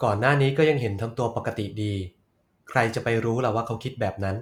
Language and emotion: Thai, neutral